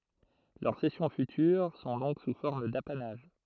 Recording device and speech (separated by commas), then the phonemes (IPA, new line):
throat microphone, read sentence
lœʁ sɛsjɔ̃ fytyʁ sɔ̃ dɔ̃k su fɔʁm dapanaʒ